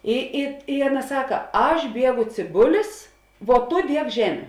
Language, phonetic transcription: Lithuanian, ˈi i i ˈaˌna ˈsaka ˈaš ˈbiegu cėˈbulis vuo ˈtu ˈdiek ˈžemiu

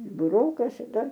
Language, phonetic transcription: Lithuanian, buˈroka šiˈta

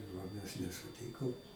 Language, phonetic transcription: Lithuanian, o ˈmes nesuˈtykom

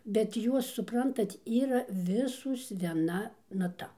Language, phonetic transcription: Lithuanian, bet ˈjuos suˈprantat ˈyra ˈvisos vieˈna naˈta

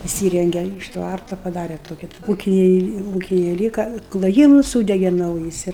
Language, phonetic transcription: Lithuanian, iˈsyrenge iš ˈtvarta paˈdare toˈki ˈūkiniai ˈūkiniai ˈlyka kloˈjymus ˈsūdege ˈnaujis ir

